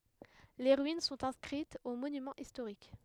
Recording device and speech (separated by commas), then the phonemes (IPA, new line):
headset microphone, read sentence
le ʁyin sɔ̃t ɛ̃skʁitz o monymɑ̃z istoʁik